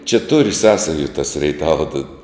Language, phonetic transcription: Lithuanian, čia tur ˈsąsaju tas reiˈtava ta

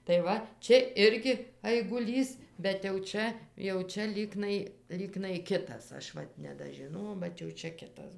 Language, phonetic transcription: Lithuanian, tai ˈva ˈčia ˈirgi aiguˈlys bet jau ˈčia jau ˈčia ˈlyknai ˈlyknai ˈkitas ˈaš ˈvat nedažiˈnojau bet jau ˈčia ˈkitas

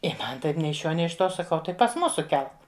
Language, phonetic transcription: Lithuanian, i ˈman ˈtaip ˈnei iš ˈšiuo ˈnei iš ˈtuo saˈkau ˈtai pas ˈmusu ˈkelk

